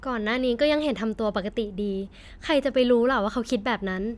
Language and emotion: Thai, neutral